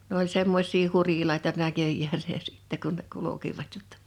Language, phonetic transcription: Finnish, n ‿oĺ 'semmoś̀ii 'hurilaita 'näköjjääsä ̳ ja sɪ̀tte kun ne kulu̬kivat jottᴀ .
- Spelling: ne oli semmoisia hurilaita näköjään ja sitten kun ne kulkivat jotta

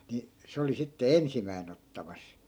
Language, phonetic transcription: Finnish, ni , 'se oli sitte "ensimäin ‿ottamas .
- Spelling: niin se oli sitten ensimmäisenä ottamassa

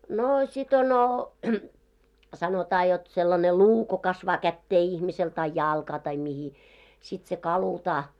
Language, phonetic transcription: Finnish, 'noo sit ono , sanotaa jot sellane "luu ko 'kasvaa 'kättee ihmisel tai "jàlkaa tai mihi , sit se 'kalutaa .
- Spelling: no sitten on sanotaan jotta sellainen luu kun kasvaa käteen ihmiselle tai jalkaan tai mihin sitten se kalutaan

